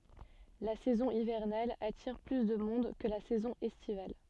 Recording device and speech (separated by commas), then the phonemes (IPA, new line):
soft in-ear microphone, read sentence
la sɛzɔ̃ ivɛʁnal atiʁ ply də mɔ̃d kə la sɛzɔ̃ ɛstival